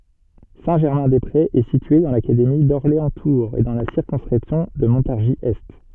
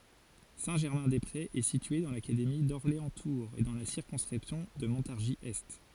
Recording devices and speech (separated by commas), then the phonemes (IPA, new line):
soft in-ear microphone, forehead accelerometer, read sentence
sɛ̃tʒɛʁmɛ̃dɛspʁez ɛ sitye dɑ̃ lakademi dɔʁleɑ̃stuʁz e dɑ̃ la siʁkɔ̃skʁipsjɔ̃ də mɔ̃taʁʒizɛst